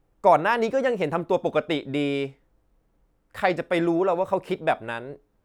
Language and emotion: Thai, frustrated